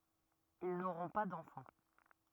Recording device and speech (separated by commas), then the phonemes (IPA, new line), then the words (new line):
rigid in-ear microphone, read sentence
il noʁɔ̃ pa dɑ̃fɑ̃
Ils n'auront pas d'enfant.